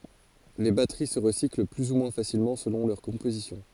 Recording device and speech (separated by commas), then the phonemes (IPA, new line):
forehead accelerometer, read sentence
le batəʁi sə ʁəsikl ply u mwɛ̃ fasilmɑ̃ səlɔ̃ lœʁ kɔ̃pozisjɔ̃